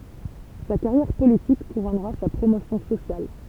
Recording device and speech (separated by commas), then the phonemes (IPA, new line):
temple vibration pickup, read sentence
sa kaʁjɛʁ politik kuʁɔnʁa sa pʁomosjɔ̃ sosjal